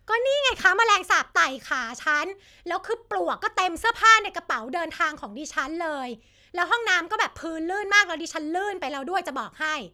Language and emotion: Thai, angry